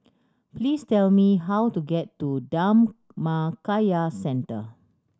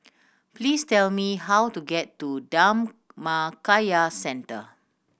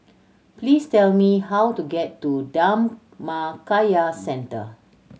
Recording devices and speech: standing microphone (AKG C214), boundary microphone (BM630), mobile phone (Samsung C7100), read sentence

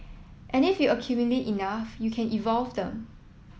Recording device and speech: mobile phone (iPhone 7), read sentence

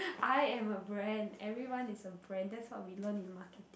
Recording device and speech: boundary microphone, conversation in the same room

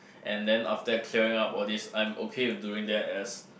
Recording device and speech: boundary microphone, conversation in the same room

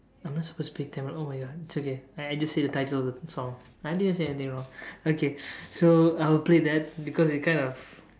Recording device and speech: standing microphone, conversation in separate rooms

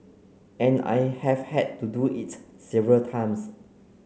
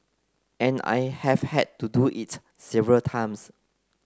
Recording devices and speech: mobile phone (Samsung C9), close-talking microphone (WH30), read sentence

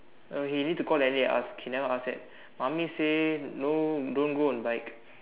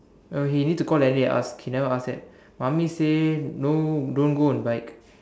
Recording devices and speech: telephone, standing microphone, conversation in separate rooms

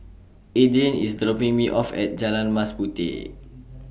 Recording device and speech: boundary microphone (BM630), read sentence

